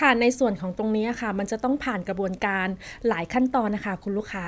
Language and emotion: Thai, neutral